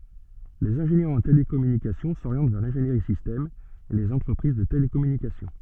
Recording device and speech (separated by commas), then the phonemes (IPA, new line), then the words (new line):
soft in-ear microphone, read sentence
lez ɛ̃ʒenjœʁz ɑ̃ telekɔmynikasjɔ̃ soʁjɑ̃t vɛʁ lɛ̃ʒeniʁi sistɛm e lez ɑ̃tʁəpʁiz də telekɔmynikasjɔ̃
Les ingénieurs en télécommunications s'orientent vers l'ingénierie système et les entreprises de télécommunications.